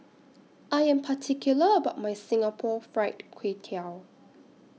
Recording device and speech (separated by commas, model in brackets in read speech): mobile phone (iPhone 6), read sentence